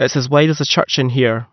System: none